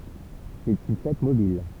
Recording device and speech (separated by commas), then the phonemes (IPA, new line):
temple vibration pickup, read sentence
sɛt yn fɛt mobil